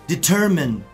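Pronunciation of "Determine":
'Determine' is pronounced correctly here.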